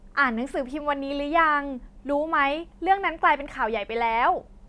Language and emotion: Thai, happy